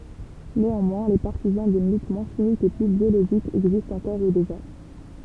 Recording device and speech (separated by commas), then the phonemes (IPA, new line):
temple vibration pickup, read sentence
neɑ̃mwɛ̃ le paʁtizɑ̃ dyn lyt mwɛ̃ ʃimik e ply bjoloʒik ɛɡzistt ɑ̃kɔʁ u deʒa